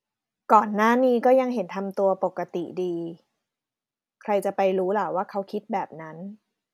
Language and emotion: Thai, neutral